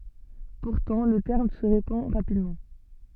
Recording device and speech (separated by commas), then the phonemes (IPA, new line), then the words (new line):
soft in-ear microphone, read sentence
puʁtɑ̃ lə tɛʁm sə ʁepɑ̃ ʁapidmɑ̃
Pourtant, le terme se répand rapidement.